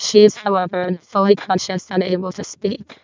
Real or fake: fake